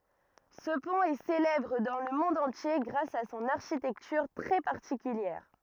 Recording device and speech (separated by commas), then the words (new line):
rigid in-ear microphone, read sentence
Ce pont est célèbre dans le monde entier grâce à son architecture très particulière.